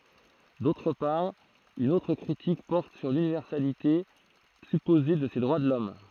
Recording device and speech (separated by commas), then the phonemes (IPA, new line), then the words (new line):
throat microphone, read sentence
dotʁ paʁ yn otʁ kʁitik pɔʁt syʁ lynivɛʁsalite sypoze də se dʁwa də lɔm
D'autre part, une autre critique porte sur l'universalité supposée de ces droits de l'homme.